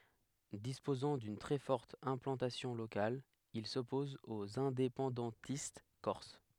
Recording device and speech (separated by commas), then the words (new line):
headset microphone, read sentence
Disposant d’une très forte implantation locale, il s’oppose aux indépendantistes corses.